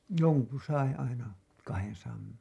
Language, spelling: Finnish, jonkun sai aina kahdensadan
- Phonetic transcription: 'joŋku sai aina , kahensaam .

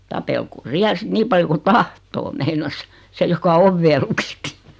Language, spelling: Finnish, tapelkoon siellä sitten niin paljon kuin tahtoo meinasi se joka ovea lukitsi
- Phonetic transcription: » 'tapelkoo "siäl 'sⁱt 'niim paljo ku "tahtoo « meinas , 'se joka 'ovvee lukitti .

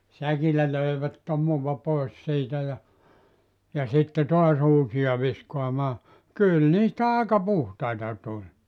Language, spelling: Finnish, säkillä löivät tomua pois siitä ja ja sitten taas uusia viskaamaan kyllä niistä aika puhtaita tuli
- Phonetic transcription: 'säkillä löivät 'tomuva 'pois siitä ja , ja 'sitte 'toa's ‿uusiʲa viskoamaa , 'kyl 'niistä 'àeka "puhtaita tuĺ .

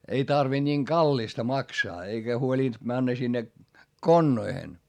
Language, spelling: Finnish, ei tarvinnut niin kallista maksaa eikä huolinut mennä sinne konnoihin
- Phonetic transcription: ei tarvinD ńiiŋ Gallista maksaa eikä huolìnD männä sinne , konnoihen .

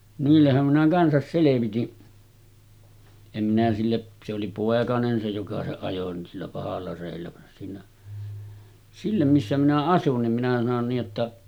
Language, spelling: Finnish, niillehän minä kanssa selvitin en minä sille se oli poikanen se joka se ajoi niin sillä pahalla reellä vaan siinä sillä missä minä asuin niin minä sanoin niin että
- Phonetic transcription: 'niillehhäm minä 'kansas selevitin , em minä 'sille , se oli 'pòekanen se joka 'se ajo ni sillä 'pahalla rèillä van siinä , sillä 'missä minä 'asun nim minä sanon nii’ ’että ,.

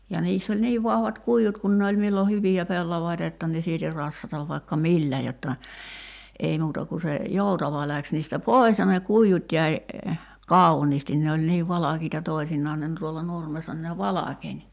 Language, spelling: Finnish, ja niissä oli niin vahvat kuidut kun ne oli milloin hyviä pellavia jotta ne sieti rassata vaikka millä jotta ei muuta kuin se joutava lähti niistä pois ja ne kuidut jäi kauniisti ne oli niin valkeita toisinaan ne - tuolla nurmessa niin ne valkeni
- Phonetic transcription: ja 'niiss ‿oĺ "niiv vahvat 'kui₍ut kun ne oĺ millo "hyvi₍ä 'pellavaita (j)otta ne sieti 'rassatav vaikka "millä jotta , 'ei muuta ku se , 'jòutava läks niistä "pòi̬s ja ne 'kuijut jäi , "kàuniistin ne oĺ niiv "valakiita 'toisinnaan ne ‿n- tuolla 'nurmessa ni ne "valakeń .

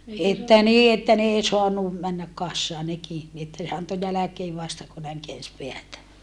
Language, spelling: Finnish, että niin että ne ei saanut mennä kasaan nekin niin että ne antoi jälkeen vasta kun näin käänsi päätä
- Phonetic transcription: että nii että n ‿ei soanu , männäk kassaa neki , ni että ne anto jäläkee vasta ku näiŋ keäns peätä .

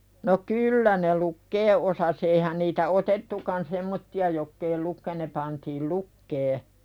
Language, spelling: Finnish, no kyllä ne lukea osasi eihän niitä otettukaan semmoisia jotka ei - ne pantiin lukemaan
- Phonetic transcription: no "kyyllä ne 'lukkee ’osas eihän niitä "otettukan -'semmotti₍a jokk ‿ei 'lukke- ne pantiil "lukkee .

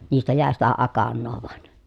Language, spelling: Finnish, niistä jäi sitä akanaa vain
- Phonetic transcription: niistä jä̀e sitä akannoo vᵒan .

